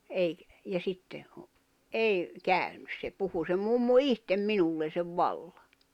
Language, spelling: Finnish, - ja sitten on ei käynyt se puhui se mummo itse minulle sen vallan
- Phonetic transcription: 'eik- , ja 'sitte’ ’o , '’ei , 'käỳnys se 'puhu se 'mummu "ihtem "minullen̬ sev 'valʟᴀ .

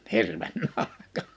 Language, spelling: Finnish, hirven nahka
- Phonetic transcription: 'hirven nahka .

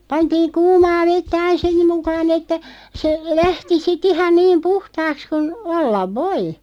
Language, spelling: Finnish, pantiin kuumaa vettä aina sen mukaan että se lähti sitten ihan niin puhtaaksi kuin olla voi
- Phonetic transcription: 'pantiiŋ "kuumaa 'vettä 'ain̬ ("sem) mukaan ‿että , se , "lähti si"t ‿ihan 'niim "puhtaaks kun , 'ollav "voi .

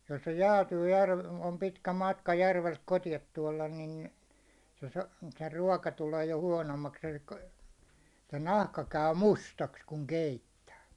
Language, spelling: Finnish, jos se jäätyy - on pitkä matka järveltä kotiin tuoda niin se - se ruoka tulee jo huonommaksi eli se nahka käy mustaksi kun keittää
- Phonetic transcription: jos se 'jäätyy järv- , om 'pitkä 'matka järvelt 'koti₍at tuålan nin̬ , se sᴀ- se 'ruåka tulee jo huånommaks ᴇʟɪkkᴀ , se 'nahka käy "mustaks kuŋ 'keittää .

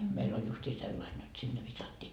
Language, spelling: Finnish, meillä oli justiin sellainen jotta sinne viskattiin
- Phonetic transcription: 'meil ‿oĺ justii 'sellain jot sinne 'visattii .

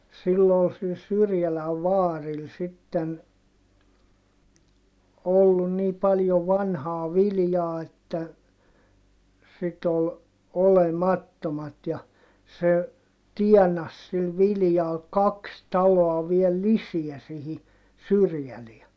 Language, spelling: Finnish, sillä oli sillä Syrjälän vaarilla sitten ollut niin paljon vanhaa viljaa että sitten oli olemattomat ja se tienasi sillä viljalla kaksi taloa vielä lisää siihen Syrjälään
- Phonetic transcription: sill ‿ol sil Syrjäläv vaaril sitten , ollun nii paljo vanhaa viljaa että , sit ‿ol , olemattomat ja , se , tiɛnas sil viljal kaks taloa viel lisiä sihi , Syrjäleä .

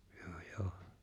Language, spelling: Finnish, joo joo
- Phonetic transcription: joo 'joo .

